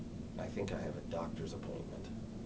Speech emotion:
neutral